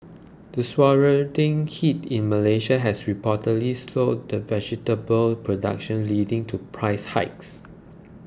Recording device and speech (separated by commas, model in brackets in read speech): close-talking microphone (WH20), read sentence